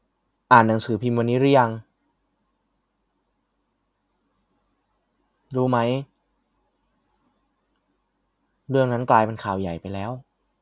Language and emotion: Thai, frustrated